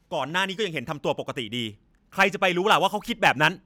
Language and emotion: Thai, angry